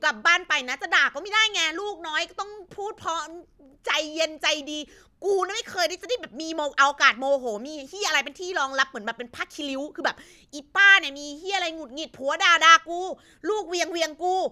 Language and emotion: Thai, angry